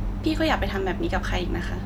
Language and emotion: Thai, neutral